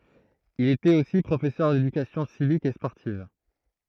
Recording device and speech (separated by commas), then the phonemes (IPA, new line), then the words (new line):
throat microphone, read sentence
il etɛt osi pʁofɛsœʁ dedykasjɔ̃ sivik e spɔʁtiv
Il était aussi professeur d'éducation civique et sportive.